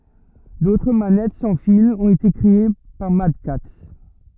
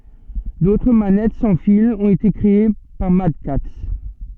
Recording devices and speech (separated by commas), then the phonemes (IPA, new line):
rigid in-ear microphone, soft in-ear microphone, read sentence
dotʁ manɛt sɑ̃ filz ɔ̃t ete kʁee paʁ madkats